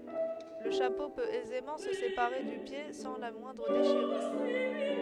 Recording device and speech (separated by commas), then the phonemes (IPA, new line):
headset microphone, read sentence
lə ʃapo pøt ɛzemɑ̃ sə sepaʁe dy pje sɑ̃ la mwɛ̃dʁ deʃiʁyʁ